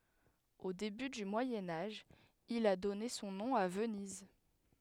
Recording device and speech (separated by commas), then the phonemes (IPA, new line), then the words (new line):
headset microphone, read sentence
o deby dy mwajɛ̃ aʒ il a dɔne sɔ̃ nɔ̃ a vəniz
Au début du Moyen Âge, il a donné son nom à Venise.